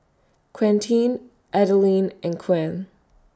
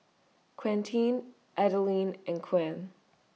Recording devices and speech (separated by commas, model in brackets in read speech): standing microphone (AKG C214), mobile phone (iPhone 6), read sentence